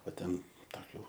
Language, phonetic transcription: Lithuanian, o ˈten taˈkių

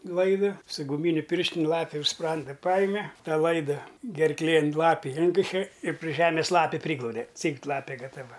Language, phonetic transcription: Lithuanian, ˈlaida su guˈmyniu pirštin' ˈlapi už ˈspranda ˈpajime ˈtą ˈlaida gerˈklėn ˈlapi ˈinkiše ir pri ˈžemis ˈlapi ˈpryglaude ˈcygt ˈlapė gataˈva

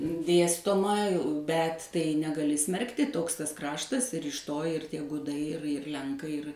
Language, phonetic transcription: Lithuanian, ˈdėstoma bet ˈtai negaˈli ˈsmerkti ˈtoks ˈtas ˈkraštas ir iš ˈto ir ˈtie ˈgudai ir ir ˈlenkai ir

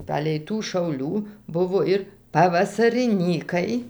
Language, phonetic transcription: Lithuanian, ˈpalei tų šauˈlių ˈbuvo ir pavasariˈnykai

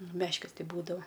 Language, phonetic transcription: Lithuanian, nu ˈmeškis ˈtai ˈbūdao

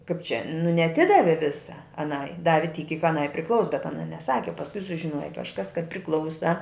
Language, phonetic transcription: Lithuanian, kaip čia nu neaˈtidavi ˈvisa aˈnai ˈdavi tyk kyk aˈnai priˈklaus bet aˈna neˈsaki o pasˈkui sužiˈnuoja kažˈkas kad priˈklausa

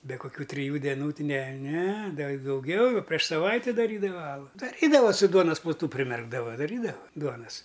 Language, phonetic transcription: Lithuanian, be kuˈkių triˈjų deˈnų ne ne ˈda i dauˈgiau jau prieš saˈvaiti daˈrydava ˈalu daˈrydava su ˈduonas pluˈtu priˈmerkdava daˈrydava ˈduonas

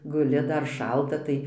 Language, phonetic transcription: Lithuanian, guˈli ˈdar ˈšalta ˈtai

